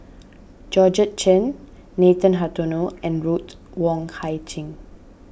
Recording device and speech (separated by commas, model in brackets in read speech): boundary microphone (BM630), read sentence